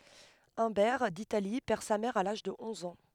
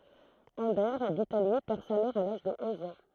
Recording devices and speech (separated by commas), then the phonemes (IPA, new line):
headset microphone, throat microphone, read sentence
œ̃bɛʁ ditali pɛʁ sa mɛʁ a laʒ də ɔ̃z ɑ̃